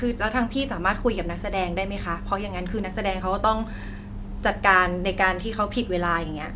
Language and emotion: Thai, frustrated